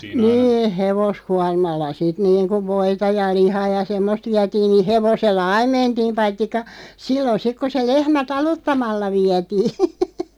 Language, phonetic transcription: Finnish, 'nii "hevos'kuarmalla sit 'niiŋkuv 'voita ja 'lihaa ja "semmost 'viätiin ni "hevosella "aim mentiim 'paittikka , 'sillon 'sik ku se 'lehmä "taluttamalla 'viätii .
- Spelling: niin hevoskuormalla sitten niin kuin voita ja lihaa ja semmoista vietiin niin hevosella aina mentiin paitsi silloin sitten kun se lehmä taluttamalla vietiin

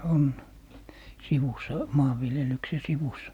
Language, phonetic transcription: Finnish, 'on , 'sivus̀a , 'maavviljelykse "sivus .
- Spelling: on sivussa maanviljelyksen sivussa

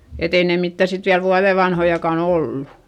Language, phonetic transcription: Finnish, et ‿ei ne mittä̀ sit viäl vuaδe vanhojakàn ‿ollu .
- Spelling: että ei ne mitään sitten vielä vuoden vanhojakaan ollut

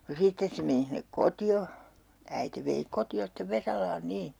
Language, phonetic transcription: Finnish, no 'sittes se meni hinnek koti₍o , 'äite vei 'koti₍o stev 'Vesalaan 'nii .
- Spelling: no sitten se meni sinne kotiin äiti vei kotiin sitten Vesalaan niin

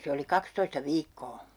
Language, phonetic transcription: Finnish, 'se oli "kakstoista "viikkoo .
- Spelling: se oli kaksitoista viikkoa

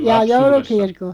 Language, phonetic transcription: Finnish, 'jaa 'joulukirko ?
- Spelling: jaa joulukirko

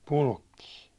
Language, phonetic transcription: Finnish, Pulkkii .
- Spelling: Pulkkinen

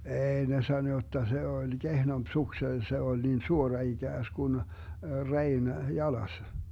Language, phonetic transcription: Finnish, 'eei ne sano jotta 'se 'oĺ "Gehnomp 'sukse , 'se oĺ 'niin "suora 'iGääskun , "rein "jalas .
- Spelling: ei ne sanoi jotta se oli kehnompi suksi se oli niin suora ikään kuin reen jalas

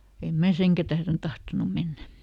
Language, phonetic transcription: Finnish, em ˈmä "seŋkä tähren ˈtahtonu ˈmennä .
- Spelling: en minä senkään tähden tahtonut mennä

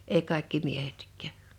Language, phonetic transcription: Finnish, ei 'kàḙkki "miehetk̀ä̀ .
- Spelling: ei kaikki miehetkään

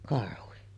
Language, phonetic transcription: Finnish, karhuhi .
- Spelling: karhu

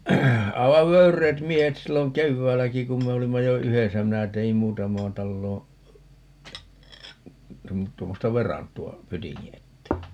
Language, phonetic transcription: Finnish, 'aivav "vöyr̆reet 'miehet 'silloŋ "kevväälläki kum 'me olimma jo "yhesä - 'minä te₍im "muutamaan 'talloo , 'tuom - 'tuommosta "verantu₍a , "pytiŋŋi 'ettee .
- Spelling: aivan vöyreät miehet silloin keväälläkin kun me olimme jo yhdessä minä tein muutamaan taloon - tuommoista verantoa pytingin eteen

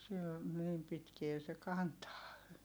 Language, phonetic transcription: Finnish, sil , niim pitkie se kantaa .
- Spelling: sillä niin pitkään se kantaa

